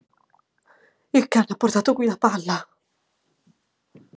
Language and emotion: Italian, fearful